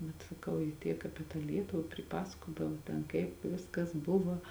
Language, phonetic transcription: Lithuanian, bet saˈkau ji ˈtiek ˈapie tą ˈlietuva priˈpasakodavo ˈten ˈkaip ˈviskas ˈbuva

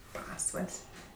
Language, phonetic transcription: Lithuanian, ˈpasval's'

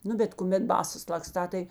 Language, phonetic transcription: Lithuanian, ˈnu bet kuˈmet ˈbasas lakˈstā tai

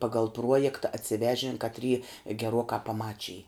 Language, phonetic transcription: Lithuanian, ˈpagal ˈpruojekta atsiˈvežin katˈry geˈruokā paˈmačij

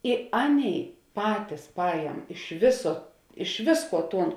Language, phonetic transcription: Lithuanian, i ˈaˌnėi ˈpatis ˈpajem iš ˈviso iš ˈvisˌkuo ˈtūn

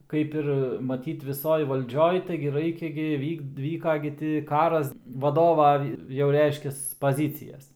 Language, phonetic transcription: Lithuanian, ˈkaip ir maˈtyt viˈsoj valˈdžioj ˈtaigi ˈraikia gi ˈvyk ˈvyka gi ti ˈkaras vaˈdova jau ˈreiškias paˈzycijas

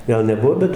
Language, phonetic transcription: Lithuanian, ˈgal neˈbuo ˈbet

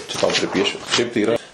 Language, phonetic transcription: Lithuanian, čia tau priˈpiešiu šiaip tai yˈra

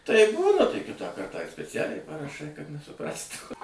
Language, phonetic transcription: Lithuanian, taip ˈbūna tai ˈkitą ˈkartą ir speˈcialiai paraˈšai kad nesuˈprastų

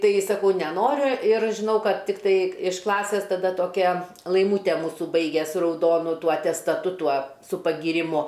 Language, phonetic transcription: Lithuanian, ˈtai saˈkau neˈnoriu ir žiˈnau ˈkad ˈtiktai iš ˈklasės taˈda toˈkia laiˈmūte ˈmūsu ˈbaige su rauˈdonu ˈtuo atestaˈtu ˈtuo su pagyriˈmu

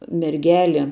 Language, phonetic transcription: Lithuanian, merˈgeli

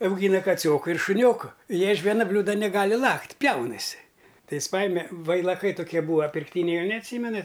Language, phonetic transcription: Lithuanian, auˈgyna kaˈcioku ir šuˈnioku ˈjie iš ˈviena ˈbliūda neˈgali ˈlakt' ˈpjaunasi ˈtai ˈjis ˈpajime vailaˈkai toˈkie ˈbūva pirkˈtyniai ˈjau neatˈsymenat'

